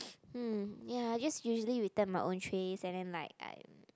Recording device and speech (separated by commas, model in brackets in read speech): close-talking microphone, conversation in the same room